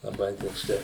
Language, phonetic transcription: Lithuanian, laˈbai tokˈsai

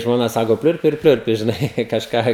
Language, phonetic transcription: Lithuanian, žmoˈna ˈsako ˈpliurpi ir ˈpliurpi žiˈnai kažˈką

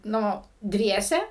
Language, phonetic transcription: Lithuanian, ˈnu ˈdviese

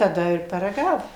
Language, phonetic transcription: Lithuanian, taˈda ir paraˈgavum

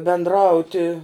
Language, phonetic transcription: Lithuanian, bendˈrauti

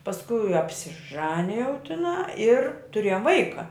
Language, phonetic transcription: Lithuanian, pasˈkui apsiˈžanijau tiˈnā ir tuˈrėjom ˈvaika

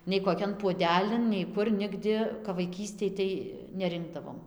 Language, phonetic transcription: Lithuanian, nei koˈkian puoˈdelin nei ˈkur ˈnigdi kap vaiˈkystėj tai neˈrinkdavom

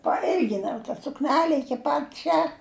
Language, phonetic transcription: Lithuanian, paˈilginau ta sukˈnele iˈki pat ˈčia

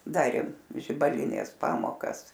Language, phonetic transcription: Lithuanian, ˈdarėm žibaˈlinės ˈpamokas

